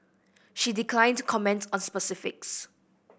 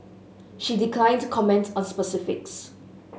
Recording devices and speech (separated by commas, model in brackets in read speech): boundary microphone (BM630), mobile phone (Samsung S8), read sentence